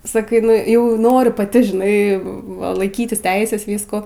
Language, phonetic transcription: Lithuanian, saˈkai nuˈjau ˈnoriu paˈti žiˈnai va laiˈkytis ˈteises ˈvyskų

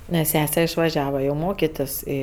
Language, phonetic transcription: Lithuanian, nes ˈsese išvaˈžiava jau ˈmokitis ˈį

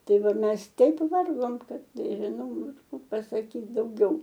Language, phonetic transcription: Lithuanian, ˈtai ˈva ˈmes ˈteip ˈvargom ˈkad nežiˈnau ˈaš ˈkų pasaˈkyt dauˈgiau

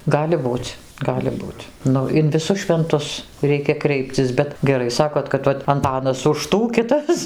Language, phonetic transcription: Lithuanian, ˈgali ˈbūc' ˈgali ˈbūt' ˈnu in viˈsus švenˈtus ˈreikia ˈkreipcis ˈbet geˈrai ˈsakot kad ˈvat anˈtanas už ˈtų ˈkitas

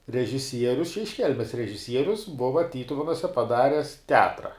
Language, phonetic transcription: Lithuanian, režiˈsierius iš ˈkelmes režiˈsierius ˈbuva ˈtytuvenuse paˈdares teˈatra

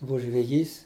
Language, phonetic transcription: Lithuanian, ˈbuvu žveˈjys

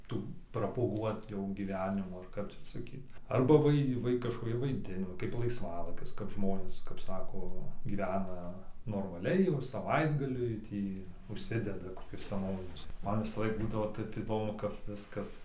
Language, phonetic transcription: Lithuanian, ˈtų propuˈguot jau gyˈvenimų ar ˈkap čia saˈkyt ˈarba vai ˈvai kažkoˈki vaiˈdino kaip laisˈvalaikis kap ˈžmonės kap ˈsako gyˈvena normaˈliai jau saˈvaitgaliui ˈtį užˈsideda koˈkius seˈnovinius ˈman visaˈlaik ˈbūdavo ˈtep įˈdomu kap ˈviskas

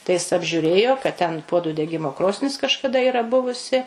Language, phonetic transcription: Lithuanian, tai ˈjis apžiuˈrėjo kad ten ˈpuodu deˈgimo ˈkrosnis kažkaˈda ˈyra ˈbuvusi

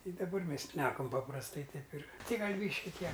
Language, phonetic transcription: Lithuanian, ˈtai daˈbar ˈmes šneˈkam paprasˈtai ˈtaip ir ˈtei ˈgal ˈbyški ˈtie

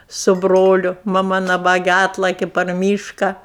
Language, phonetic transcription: Lithuanian, su ˈbroliu maˈma naˈbage ˈatlaki par ˈmyška

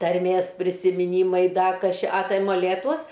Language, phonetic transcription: Lithuanian, tarˈmės prisimiˈnymai ˈda ˈkas ˈčia a ˈtai moˈlėtuos

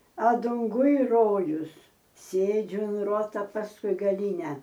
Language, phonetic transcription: Lithuanian, a dunˈguj ˈrojus ˈsėdžiu un ˈruota pasˈkui gaˈlyne

